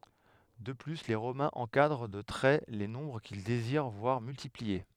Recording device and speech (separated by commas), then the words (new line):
headset microphone, read sentence
De plus, les Romains encadrent de traits les nombres qu'ils désirent voir multipliés.